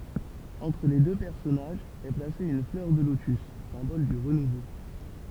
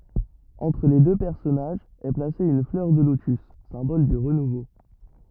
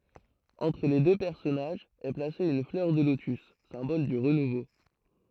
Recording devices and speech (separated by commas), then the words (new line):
temple vibration pickup, rigid in-ear microphone, throat microphone, read sentence
Entre les deux personnages est placée une fleur de lotus, symbole du renouveau.